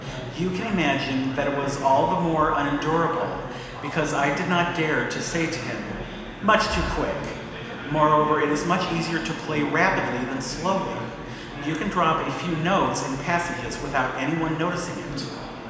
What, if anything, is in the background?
Crowd babble.